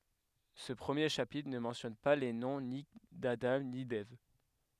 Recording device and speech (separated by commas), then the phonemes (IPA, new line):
headset microphone, read sentence
sə pʁəmje ʃapitʁ nə mɑ̃tjɔn pa le nɔ̃ ni dadɑ̃ ni dɛv